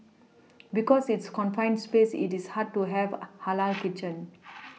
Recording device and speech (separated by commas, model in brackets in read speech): mobile phone (iPhone 6), read sentence